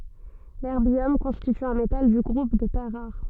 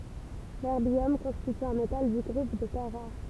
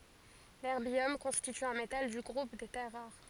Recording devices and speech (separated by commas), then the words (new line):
soft in-ear microphone, temple vibration pickup, forehead accelerometer, read sentence
L'erbium constitue un métal du groupe des terres rares.